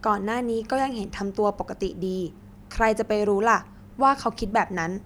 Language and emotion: Thai, neutral